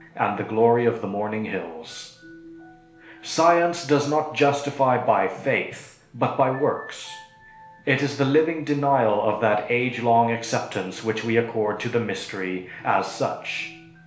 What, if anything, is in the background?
Music.